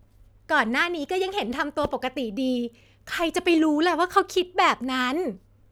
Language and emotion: Thai, frustrated